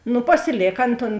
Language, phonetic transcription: Lithuanian, ˈnu pasiˈlėk ˈan ton

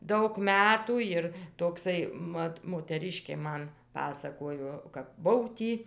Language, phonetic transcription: Lithuanian, ˈdaug ˈmetų ˈjir tokˈsai ˈmat moteˈriškė ˈman ˈpasakojo kap ˈbuv ˈtį

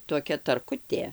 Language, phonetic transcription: Lithuanian, toˈkia tarˈkutė

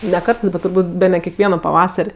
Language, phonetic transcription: Lithuanian, ne ˈkartɜs bet turˈbūt' ˈbene kekˈvieno paˈvasar'

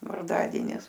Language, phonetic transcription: Lithuanian, varˈdadienis

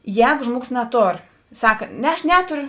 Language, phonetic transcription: Lithuanian, ˈjēgu ˈžmuoˌgos naˈtor ˈsaka ˈne ˈaš ˈneturiu

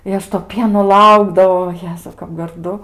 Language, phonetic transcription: Lithuanian, i ˈaš to ˈpieno ˈlaukdavau o ˈjezau kap garˈdu

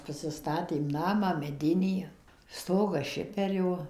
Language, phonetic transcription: Lithuanian, pasiˈstatėm ˈnamą meˈdinį ˈstogas ˈšiperio

